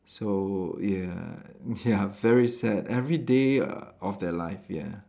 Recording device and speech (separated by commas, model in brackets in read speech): standing microphone, conversation in separate rooms